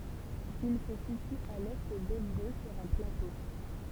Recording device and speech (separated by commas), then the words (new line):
temple vibration pickup, read sentence
Il se situe à l'est d'Évreux sur un plateau.